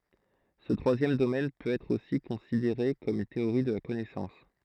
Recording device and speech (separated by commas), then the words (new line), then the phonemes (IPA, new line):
throat microphone, read sentence
Ce troisième domaine peut être aussi considéré comme une théorie de la connaissance.
sə tʁwazjɛm domɛn pøt ɛtʁ osi kɔ̃sideʁe kɔm yn teoʁi də la kɔnɛsɑ̃s